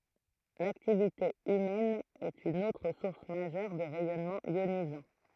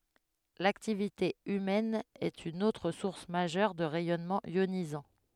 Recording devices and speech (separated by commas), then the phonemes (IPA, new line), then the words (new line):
throat microphone, headset microphone, read sentence
laktivite ymɛn ɛt yn otʁ suʁs maʒœʁ də ʁɛjɔnmɑ̃z jonizɑ̃
L'activité humaine est une autre source majeure de rayonnements ionisants.